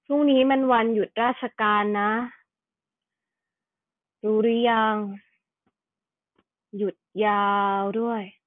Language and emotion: Thai, frustrated